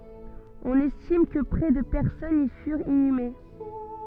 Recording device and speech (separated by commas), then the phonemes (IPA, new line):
soft in-ear microphone, read sentence
ɔ̃n ɛstim kə pʁɛ də pɛʁsɔnz i fyʁt inyme